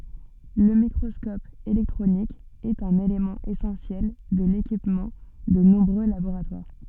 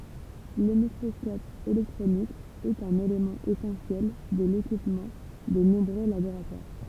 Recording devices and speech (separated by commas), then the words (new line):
soft in-ear microphone, temple vibration pickup, read sentence
Le microscope électronique est un élément essentiel de l'équipement de nombreux laboratoires.